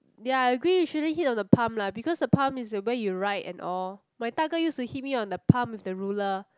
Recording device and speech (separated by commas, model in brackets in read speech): close-talking microphone, conversation in the same room